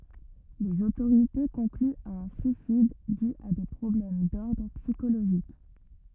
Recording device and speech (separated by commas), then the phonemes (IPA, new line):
rigid in-ear microphone, read sentence
lez otoʁite kɔ̃klyt a œ̃ syisid dy a de pʁɔblɛm dɔʁdʁ psikoloʒik